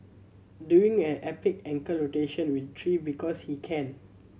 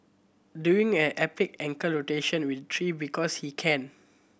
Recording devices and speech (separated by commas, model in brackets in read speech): mobile phone (Samsung C7100), boundary microphone (BM630), read sentence